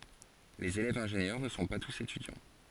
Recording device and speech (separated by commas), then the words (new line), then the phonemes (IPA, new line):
forehead accelerometer, read sentence
Les élèves-ingénieurs ne sont pas tous étudiants.
lez elɛvz ɛ̃ʒenjœʁ nə sɔ̃ pa tus etydjɑ̃